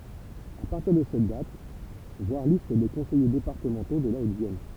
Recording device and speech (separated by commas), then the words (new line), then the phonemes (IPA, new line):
temple vibration pickup, read sentence
À partir de cette date, voir Liste des conseillers départementaux de la Haute-Vienne.
a paʁtiʁ də sɛt dat vwaʁ list de kɔ̃sɛje depaʁtəmɑ̃to də la otəvjɛn